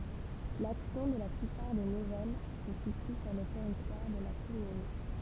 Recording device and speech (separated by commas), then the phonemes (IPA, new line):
temple vibration pickup, read sentence
laksjɔ̃ də la plypaʁ de nuvɛl sə sity syʁ lə tɛʁitwaʁ də la kɔmyn